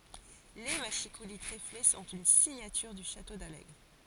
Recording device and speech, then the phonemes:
forehead accelerometer, read sentence
le maʃikuli tʁefle sɔ̃t yn siɲatyʁ dy ʃato dalɛɡʁ

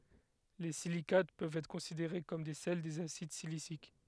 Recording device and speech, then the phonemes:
headset microphone, read sentence
le silikat pøvt ɛtʁ kɔ̃sideʁe kɔm de sɛl dez asid silisik

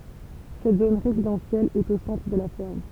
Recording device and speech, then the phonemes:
temple vibration pickup, read sentence
sɛt zon ʁezidɑ̃sjɛl ɛt o sɑ̃tʁ də la fɛʁm

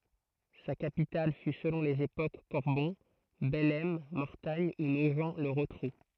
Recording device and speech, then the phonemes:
throat microphone, read sentence
sa kapital fy səlɔ̃ lez epok kɔʁbɔ̃ bɛlɛm mɔʁtaɲ u noʒ lə ʁotʁu

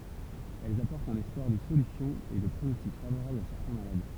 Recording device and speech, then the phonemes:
temple vibration pickup, read sentence
ɛlz apɔʁtt œ̃n ɛspwaʁ də solysjɔ̃ e də pʁonɔstik favoʁabl a sɛʁtɛ̃ malad

